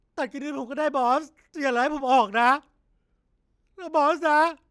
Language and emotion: Thai, sad